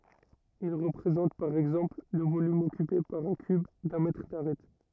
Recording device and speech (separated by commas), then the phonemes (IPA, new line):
rigid in-ear microphone, read sentence
il ʁəpʁezɑ̃t paʁ ɛɡzɑ̃pl lə volym ɔkype paʁ œ̃ kyb dœ̃ mɛtʁ daʁɛt